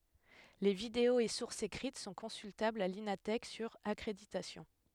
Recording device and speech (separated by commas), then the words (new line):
headset microphone, read sentence
Les vidéos et sources écrites sont consultables à l’Ina Thèque, sur accréditation.